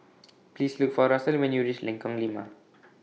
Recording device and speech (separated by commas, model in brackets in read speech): mobile phone (iPhone 6), read sentence